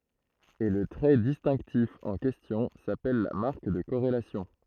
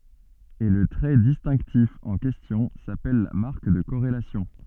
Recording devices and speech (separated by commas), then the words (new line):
throat microphone, soft in-ear microphone, read sentence
Et le trait distinctif en question s'appelle la marque de corrélation.